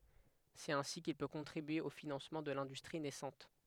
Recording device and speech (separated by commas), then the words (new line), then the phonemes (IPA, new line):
headset microphone, read sentence
C'est ainsi qu'il peut contribuer au financement de l'industrie naissante.
sɛt ɛ̃si kil pø kɔ̃tʁibye o finɑ̃smɑ̃ də lɛ̃dystʁi nɛsɑ̃t